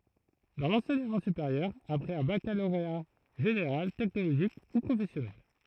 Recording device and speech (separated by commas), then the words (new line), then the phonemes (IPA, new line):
throat microphone, read sentence
Dans l'enseignement supérieur, après un baccalauréat général, technologique ou professionnel.
dɑ̃ lɑ̃sɛɲəmɑ̃ sypeʁjœʁ apʁɛz œ̃ bakaloʁea ʒeneʁal tɛknoloʒik u pʁofɛsjɔnɛl